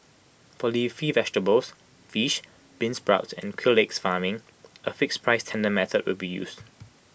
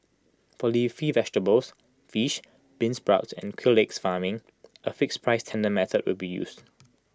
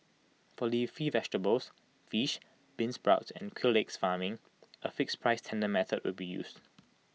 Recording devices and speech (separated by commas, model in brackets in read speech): boundary microphone (BM630), close-talking microphone (WH20), mobile phone (iPhone 6), read sentence